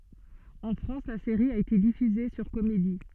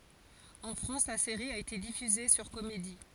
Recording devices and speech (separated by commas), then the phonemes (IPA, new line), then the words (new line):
soft in-ear microphone, forehead accelerometer, read sentence
ɑ̃ fʁɑ̃s la seʁi a ete difyze syʁ komedi
En France, la série a été diffusée sur Comédie.